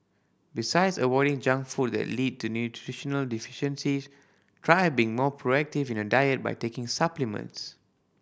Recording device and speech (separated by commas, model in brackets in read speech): boundary microphone (BM630), read sentence